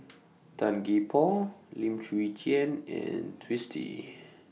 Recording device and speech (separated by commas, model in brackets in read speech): mobile phone (iPhone 6), read sentence